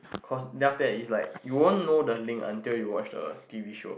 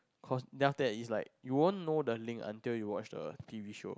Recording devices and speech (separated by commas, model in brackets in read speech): boundary microphone, close-talking microphone, conversation in the same room